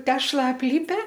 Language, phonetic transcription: Lithuanian, ˈtešla apˈlipe

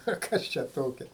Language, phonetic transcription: Lithuanian, o ˈkas čia ˈtokia

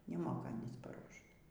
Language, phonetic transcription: Lithuanian, neˈmoka ˈanys paˈruošt

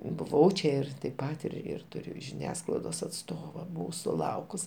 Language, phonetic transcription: Lithuanian, buˈvau čia ˈir taip ˈpat ir ir ˈturiu žiˈniasklaidos atˈstova ˈbuvau suˈlaukus

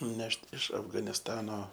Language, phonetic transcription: Lithuanian, ˈnešt iš afganisˈtano

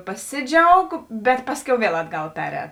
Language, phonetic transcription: Lithuanian, paˈsiˌdžiaug bet ˈpasˌkiau ˈviel ˈatˌgal ˈpeˌrēt

